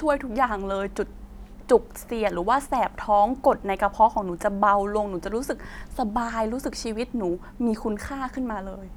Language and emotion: Thai, sad